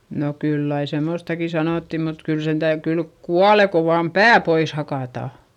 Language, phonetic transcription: Finnish, no kyll ‿ai semòstaki sanòtti mut kyl sen täy- , kylk kuale ko vaam pää pois hakàta .
- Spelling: no kyllä aina semmoistakin sanottiin mutta kyllä sen - kyllä kuolee kun vain pää pois hakataan

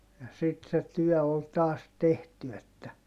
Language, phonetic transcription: Finnish, ja sit se tyɔ̈̀ ol taas tehty että ,.
- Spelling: ja sitten se työ oli taas tehty että

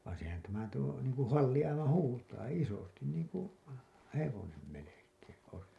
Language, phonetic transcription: Finnish, vaan̬ sehän tämä tuo , niiŋ kuṵ 'halli 'aivan "huutaa , "isostin niiŋ ku , "hevonem 'melek̀eeḛ ois .
- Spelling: vaan sehän tämä tuo niin kuin halli aivan huutaa isosti niin kuin hevonen melkein olisi

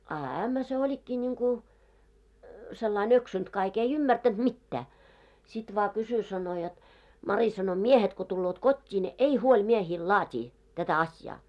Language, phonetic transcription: Finnish, a 'ämmä se 'oĺikkii ńiŋku , sellai'n ‿öksynt kaik , ei 'ymmärtänt "mittää , sit vaa 'kysy sano jot , » 'Mari « sano » 'miehet ko tulloot "kot́t́ii ne "ei "huoĺ miehiil 'laat́ii , tätä 'asjaa « .
- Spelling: a ämmä se olikin niin kuin sellain eksynyt kaikki ei ymmärtänyt mitään sitten vain kysyi sanoi jotta Mari sanoi miehet kun tulevat kotiin ne ei huoli miehille laatia tätä asiaa

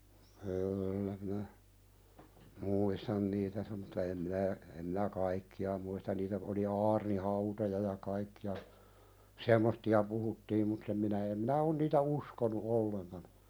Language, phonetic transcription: Finnish, kyyllä minä , "muuistan niitä sem- mutta em minä , em minä "kaikki₍a muistan niitä oli 'aarni"hauta̳ja ja 'kaikki₍a , "sem̆moh̳ti₍a puhuttiim mutt ‿em minä em minä 'on niitä "uskonu "olleŋkan .
- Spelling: kyllä minä muistan niitä sen mutta en minä en minä kaikkia muista niitä oli aarnihautoja ja kaikkia semmoisia puhuttiin mutta en minä en minä ole niitä uskonut ollenkaan

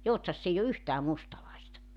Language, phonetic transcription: Finnish, 'Joutsas's ‿eij ‿o "yhtää 'mustalaista .
- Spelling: Joutsassa ei ole yhtään mustalaista

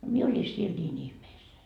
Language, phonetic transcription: Finnish, 'mie oĺi 'siel 'ńiin 'ihmeessäi .
- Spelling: minä olin siellä niin ihmeessäni

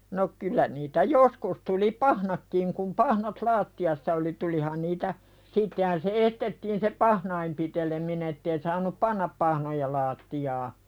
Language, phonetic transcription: Finnish, no 'kyl̆lä niitä "joskus tuli "pahnakkiŋ kum 'pahnat "laatti₍assa oli 'tulihan niitä , 'sittehän se 'estettiin se "pahnaim pitelemine ‿ttei saanup "pannap pahnoja 'laattijaa .
- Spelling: no kyllä niitä joskus tuli pahnatkin kun pahnat lattiassa oli tulihan niitä sittenhän se estettiin se pahnojen piteleminen että ei saanut panna pahnoja lattiaan

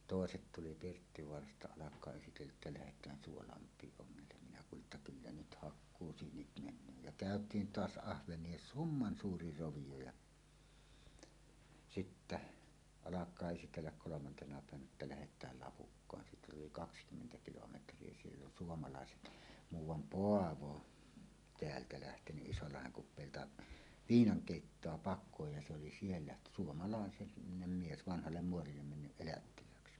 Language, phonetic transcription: Finnish, tòeset 'tuli Pirttivoarasta 'alak̀aa esitellä’ ’että lähet̀ään "Suolamp̀iiˀ 'ˀoŋŋellem minä kuuli’ ’että "kyllä 'nyt 'hakkuusyynit 'men̆nöö jä "kä̀öt̀iin "toas 'ahveǹie "summan 'suuri 'rovijo ja , "sittä , 'alak̀aa esitelläk kolomantena pä̀evänä että "lähet̀ääl "Lapukkaan siit ‿oli "kakskymmentä 'kilometr̀ie 'siell ‿on "suomalàeset , 'muuw̆wam "Poavo , 'teältä lähtenyˀ 'ˀIsollaheŋ kup̆pèilta "viinaŋ 'kèittoa "pak̆köj ja se oli 'siellä , 'suomalàe- , -nem mies , "vanhallem 'muorillem mennyˀ 'ˀelättilääksi .
- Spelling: toiset tuli Pirttivaarasta alkaa esitellä että lähdetään Suolammelle ongelle minä kuulin että kyllä nyt hakkuusyynit menee ja käytiin tuossa ahvenia summan suuri rovio ja sitten alkaa esitellä kolmantena päivänä että lähdetään Lapukkaan siitä oli kaksikymmentä kilometriä siellä on suomalaiset muuan Paavo täältä lähtenyt Isolahden kupeilta viinan keittoa pakoon ja se oli siellä - suomalainen mies vanhalle muorille mennyt elättilääksi

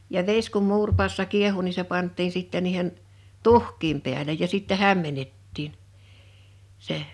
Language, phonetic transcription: Finnish, ja 'ves kum 'muurpaassa 'kiehu ni se 'pant̆tiin 'sittɛ niihen , "tuh̀k̀iim pi̬älej ja 'sittɛ 'hämmenettiin , seʰ .
- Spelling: ja vesi kun muuripadassa kiehui niin se pantiin sitten niiden tuhkien päälle ja sitten hämmennettiin se

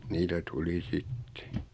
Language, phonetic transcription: Finnish, 'niitä 'tuli "sittᴇ .
- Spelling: niitä tuli sitten

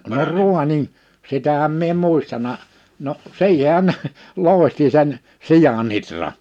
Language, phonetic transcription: Finnish, no "ruanin , 'sitähäm mie em 'mùistana , no’ , 'siihehän ne , 'lòi̬hti sen , 'sijan ‿itra .
- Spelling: no raanin sitähän minä en muistanut no siihenhän ne loihti sen sian ihran

